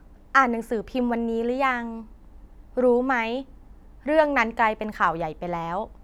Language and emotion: Thai, neutral